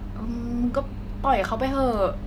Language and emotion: Thai, neutral